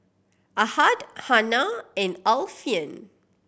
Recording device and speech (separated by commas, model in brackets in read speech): boundary microphone (BM630), read sentence